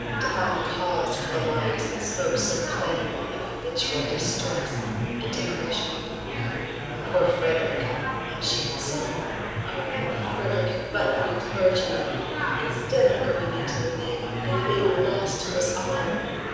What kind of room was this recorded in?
A large and very echoey room.